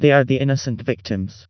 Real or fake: fake